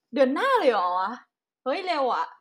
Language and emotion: Thai, happy